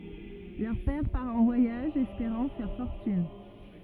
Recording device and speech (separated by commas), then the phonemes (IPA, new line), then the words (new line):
rigid in-ear microphone, read sentence
lœʁ pɛʁ paʁ ɑ̃ vwajaʒ ɛspeʁɑ̃ fɛʁ fɔʁtyn
Leur père part en voyage espérant faire fortune.